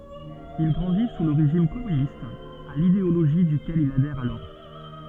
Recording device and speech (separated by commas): soft in-ear microphone, read sentence